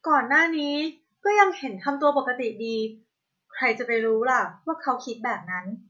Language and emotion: Thai, neutral